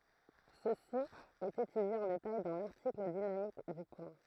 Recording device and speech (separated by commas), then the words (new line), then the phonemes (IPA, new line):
throat microphone, read sentence
Ceci est étudié en détail dans l'article dynamique du point.
səsi ɛt etydje ɑ̃ detaj dɑ̃ laʁtikl dinamik dy pwɛ̃